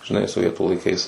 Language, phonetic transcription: Lithuanian, žiˈnai soˈvietų laiˈkais

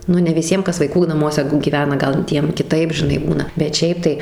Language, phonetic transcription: Lithuanian, ˈnu ne viˈsiem ˈkas vaiˈkų naˈmuose gyˈvena ˈgal ˈtiem kiˈtaip žiˈnai ˈbūna bet ˈšiaip tai

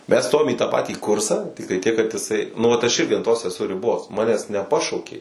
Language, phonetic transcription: Lithuanian, mes ˈstojom į tą ˈpatį ˈkursa ˈtiktai tiek kad iˈsai ˈnu vat aš ˈirgi an ˈtos eˈsu riˈbos ˈmanęs neˈpašaukė

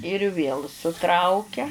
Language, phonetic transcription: Lithuanian, ir vėl suˈtraukia

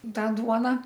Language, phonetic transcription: Lithuanian, ˈtą ˈduona

